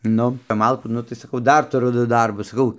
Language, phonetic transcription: Lithuanian, ˈnu kap ˈmalkų ˈnu tai saˈkau ˈdar tuˈru ˈdu ˈdarbus saˈkau

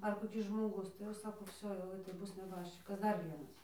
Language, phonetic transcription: Lithuanian, ar koˈkis žmoˈgus tai jau ˈsako ˈvsio jau tai ˈbus neˈbaščikas ˈdar ˈvienas

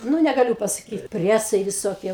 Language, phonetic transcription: Lithuanian, ˈnu negaˈliu pasaˈkyt ˈpriesai viˈsokie ˈbuvo ˈten

